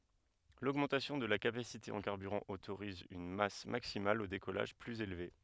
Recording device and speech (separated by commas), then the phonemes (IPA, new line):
headset microphone, read sentence
loɡmɑ̃tasjɔ̃ də la kapasite ɑ̃ kaʁbyʁɑ̃ otoʁiz yn mas maksimal o dekɔlaʒ plyz elve